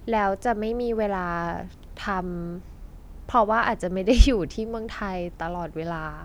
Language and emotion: Thai, neutral